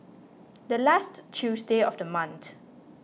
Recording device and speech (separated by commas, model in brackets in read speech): mobile phone (iPhone 6), read sentence